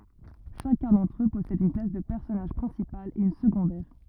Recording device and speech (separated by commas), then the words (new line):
rigid in-ear microphone, read sentence
Chacun d'entre eux possède une classe de personnage principale et une secondaire.